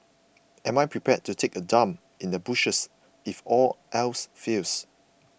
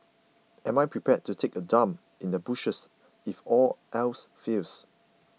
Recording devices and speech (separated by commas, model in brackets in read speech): boundary microphone (BM630), mobile phone (iPhone 6), read sentence